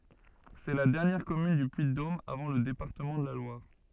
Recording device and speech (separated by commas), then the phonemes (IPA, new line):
soft in-ear microphone, read sentence
sɛ la dɛʁnjɛʁ kɔmyn dy pyiddom avɑ̃ lə depaʁtəmɑ̃ də la lwaʁ